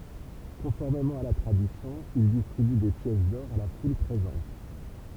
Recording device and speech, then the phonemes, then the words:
temple vibration pickup, read sentence
kɔ̃fɔʁmemɑ̃ a la tʁadisjɔ̃ il distʁiby de pjɛs dɔʁ a la ful pʁezɑ̃t
Conformément à la tradition, il distribue des pièces d'or à la foule présente.

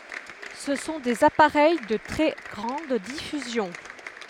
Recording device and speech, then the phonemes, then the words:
headset microphone, read sentence
sə sɔ̃ dez apaʁɛj də tʁɛ ɡʁɑ̃d difyzjɔ̃
Ce sont des appareils de très grande diffusion.

